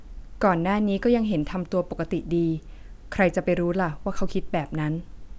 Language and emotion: Thai, neutral